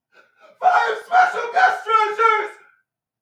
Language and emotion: English, fearful